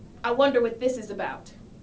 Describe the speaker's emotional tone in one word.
angry